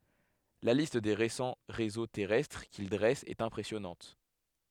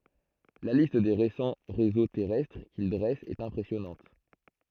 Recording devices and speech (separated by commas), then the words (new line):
headset microphone, throat microphone, read sentence
La liste des récents réseaux terrestres qu'ils dressent est impressionnante.